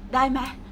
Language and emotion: Thai, neutral